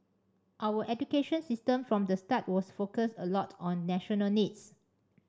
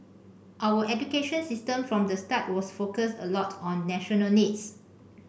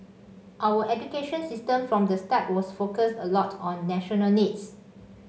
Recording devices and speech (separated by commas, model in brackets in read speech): standing microphone (AKG C214), boundary microphone (BM630), mobile phone (Samsung C5), read sentence